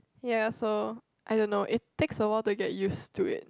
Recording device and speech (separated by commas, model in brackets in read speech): close-talking microphone, conversation in the same room